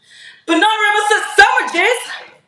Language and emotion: English, neutral